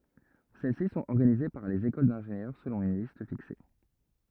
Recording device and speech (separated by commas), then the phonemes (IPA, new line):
rigid in-ear microphone, read sentence
sɛl si sɔ̃t ɔʁɡanize paʁ lez ekol dɛ̃ʒenjœʁ səlɔ̃ yn list fikse